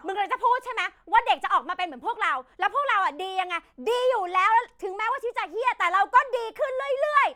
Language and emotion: Thai, angry